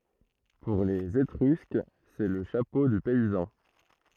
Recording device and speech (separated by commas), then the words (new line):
throat microphone, read sentence
Pour les Étrusques, c'est le chapeau du paysan.